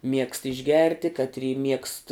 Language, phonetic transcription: Lithuanian, miegst išˈgerti katˈry miegst

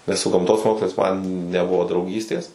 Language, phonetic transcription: Lithuanian, nes su gamˈtos ˈmokslais man neˈbuvo drauˈgystės

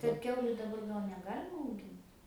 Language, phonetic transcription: Lithuanian, kad ˈkiauliu daˈbar ˈgal neˈgalima auˈgint

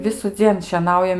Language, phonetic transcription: Lithuanian, visuˈdzien šieˈnaujam

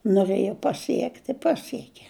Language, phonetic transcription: Lithuanian, nuˈrɘja paˈsiekt' i ˈpasieke

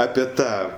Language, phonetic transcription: Lithuanian, ˈape ˈtą

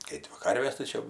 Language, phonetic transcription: Lithuanian, ˈkai dvi ˈkarvės tai ˈčia

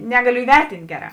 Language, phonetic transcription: Lithuanian, ˈnegaˌliu įˈvertint' ˈgeˌrā

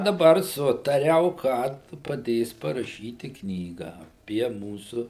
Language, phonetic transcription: Lithuanian, daˈbar ˈsutariau kad paˈdės paraˈšyti ˈknygą aˈpie ˈmūsu

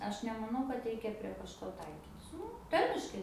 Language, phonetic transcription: Lithuanian, ˈaš nemaˈnau kad ˈreikia prie kažˈko ˈtaikytis ˈnu ˈtarmiškai

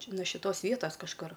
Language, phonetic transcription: Lithuanian, ˈčia no šiˈtos ˈvietas kažˈkur

